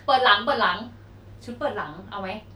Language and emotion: Thai, neutral